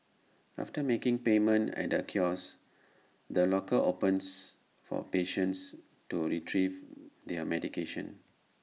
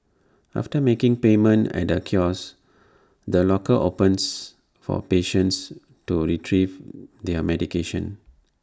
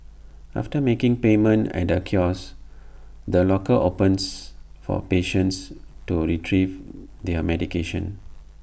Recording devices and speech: mobile phone (iPhone 6), standing microphone (AKG C214), boundary microphone (BM630), read sentence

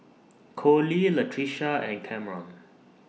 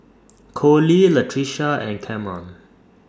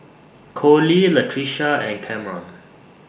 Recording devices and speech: mobile phone (iPhone 6), standing microphone (AKG C214), boundary microphone (BM630), read sentence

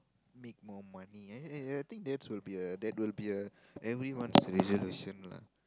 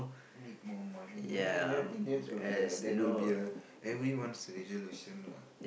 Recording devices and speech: close-talking microphone, boundary microphone, conversation in the same room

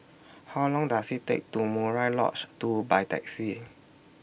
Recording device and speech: boundary microphone (BM630), read sentence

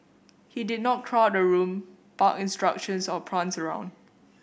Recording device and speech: boundary microphone (BM630), read sentence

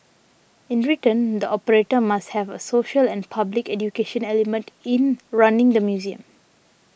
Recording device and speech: boundary microphone (BM630), read sentence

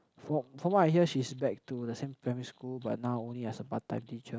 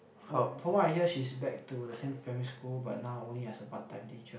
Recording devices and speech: close-talking microphone, boundary microphone, conversation in the same room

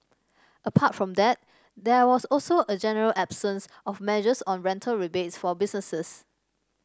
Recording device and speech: standing microphone (AKG C214), read sentence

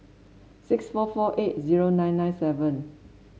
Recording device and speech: mobile phone (Samsung S8), read sentence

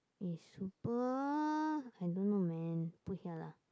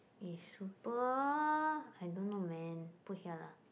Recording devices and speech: close-talking microphone, boundary microphone, conversation in the same room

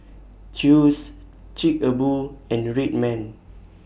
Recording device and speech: boundary microphone (BM630), read sentence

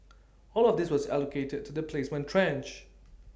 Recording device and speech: standing microphone (AKG C214), read sentence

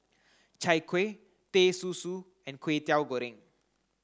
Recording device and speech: close-talking microphone (WH30), read sentence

